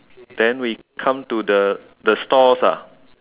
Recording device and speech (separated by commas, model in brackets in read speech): telephone, conversation in separate rooms